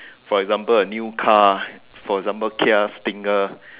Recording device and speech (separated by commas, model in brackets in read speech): telephone, conversation in separate rooms